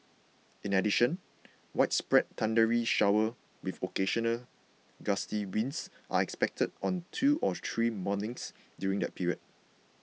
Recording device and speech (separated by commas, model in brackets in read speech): mobile phone (iPhone 6), read sentence